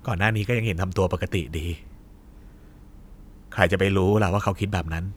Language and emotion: Thai, frustrated